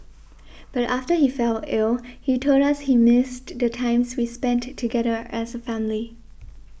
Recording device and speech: boundary microphone (BM630), read sentence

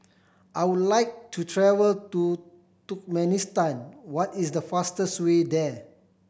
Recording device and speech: boundary microphone (BM630), read sentence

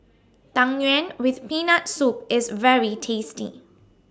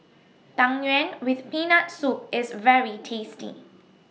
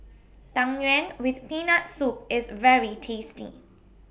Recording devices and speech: standing microphone (AKG C214), mobile phone (iPhone 6), boundary microphone (BM630), read sentence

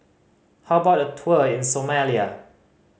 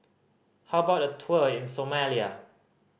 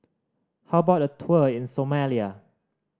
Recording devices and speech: mobile phone (Samsung C5010), boundary microphone (BM630), standing microphone (AKG C214), read sentence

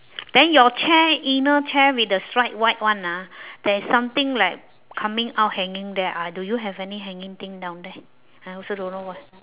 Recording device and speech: telephone, conversation in separate rooms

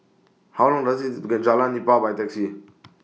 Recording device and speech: mobile phone (iPhone 6), read sentence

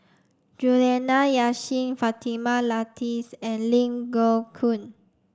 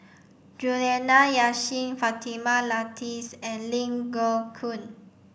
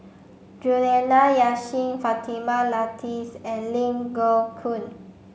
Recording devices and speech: standing microphone (AKG C214), boundary microphone (BM630), mobile phone (Samsung C5), read sentence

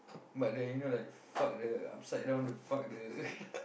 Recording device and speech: boundary microphone, conversation in the same room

